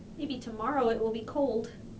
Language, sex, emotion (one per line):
English
female
fearful